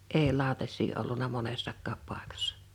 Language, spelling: Finnish, ei lautasia ollut monessakaan paikassa
- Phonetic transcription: ee 'lào̭tas̆sii olluna 'monessakkaap 'pàekassᴀ .

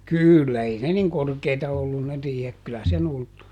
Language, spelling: Finnish, kyllä ei ne niin korkeita ollut ne riihet kyllä sen ulettui
- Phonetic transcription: "kỳllä ˈei ne ˈniŋ "korkeita ˈollun ne ˈriihek kylä seˈn ‿ulttu .

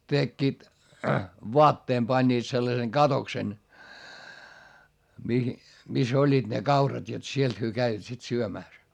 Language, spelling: Finnish, tekivät vaatteen panivat sellaisen katoksen mihin missä olivat ne kaurat jotta sieltä he kävivät sitten syömässä
- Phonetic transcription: tekkiit , voatteem pańńiit sellaseŋ Gatoksen , mihi , mis ‿oĺĺiiD ne kaurat jot sielt hyö käivät sit syömä̀s .

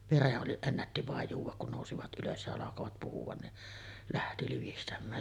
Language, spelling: Finnish, veren oli ennätti vain juoda kun nousivat ylös ja alkoivat puhua niin lähti livistämään
- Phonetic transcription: "vereˀ ˀoli , 'ennätti vàej 'juuv̆vak kun nòusivat '’ylös ja alakovat 'puhuᵛan ni’ , "lähti 'livistäm̆mään .

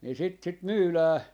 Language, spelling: Finnish, niin sitä sitten myydään
- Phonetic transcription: ni 'sit 'sit "myylää ,.

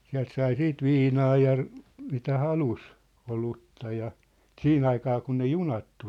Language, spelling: Finnish, sieltä sai sitten viinaa ja mitä halusi olutta ja siihen aikaan kun ne junat tuli
- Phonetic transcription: 'siält 'sai 'siit "viinaa ja , mitä 'halus , 'olutta ja , "sii'n ‿aikaa kun ne "junat tul .

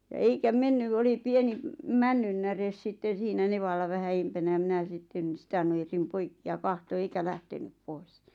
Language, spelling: Finnish, ja eikä mennyt oli pieni männynnäre sitten siinä nevalla vähän edempänä ja minä sitten sitä nujersin poikki ja katsoin eikä lähtenyt pois
- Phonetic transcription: ja 'eikä "mennyv , oli 'pieni , 'männynnäres 'sitten̬ siinä 'nevalla vähä 'eimpänä ʲa 'minä sitten̬ "sⁱtä nujersim 'poikki ja 'kahto "eikä 'lähtenyp 'pois .

